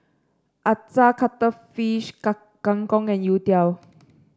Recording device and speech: standing microphone (AKG C214), read sentence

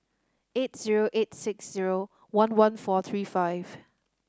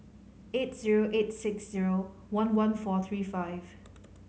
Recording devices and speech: standing microphone (AKG C214), mobile phone (Samsung C5010), read sentence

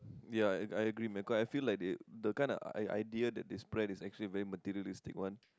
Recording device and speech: close-talking microphone, conversation in the same room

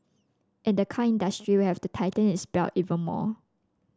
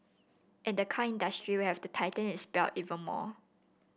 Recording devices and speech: standing microphone (AKG C214), boundary microphone (BM630), read sentence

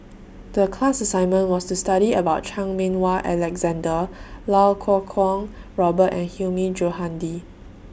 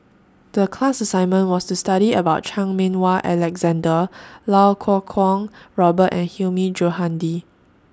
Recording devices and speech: boundary microphone (BM630), standing microphone (AKG C214), read sentence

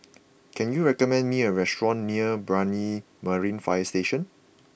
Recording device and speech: boundary microphone (BM630), read sentence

